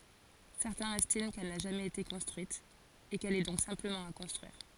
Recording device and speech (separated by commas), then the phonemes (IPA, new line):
forehead accelerometer, read sentence
sɛʁtɛ̃z ɛstim kɛl na ʒamɛz ete kɔ̃stʁyit e kɛl ɛ dɔ̃k sɛ̃pləmɑ̃ a kɔ̃stʁyiʁ